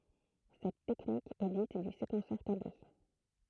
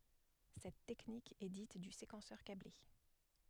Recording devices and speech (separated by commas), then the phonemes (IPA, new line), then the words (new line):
throat microphone, headset microphone, read sentence
sɛt tɛknik ɛ dit dy sekɑ̃sœʁ kable
Cette technique est dite du séquenceur câblé.